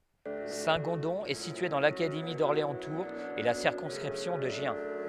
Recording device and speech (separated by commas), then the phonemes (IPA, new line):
headset microphone, read sentence
sɛ̃tɡɔ̃dɔ̃ ɛ sitye dɑ̃ lakademi dɔʁleɑ̃stuʁz e la siʁkɔ̃skʁipsjɔ̃ də ʒjɛ̃